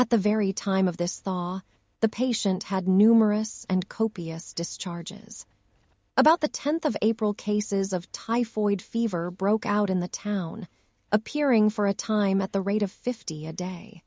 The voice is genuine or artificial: artificial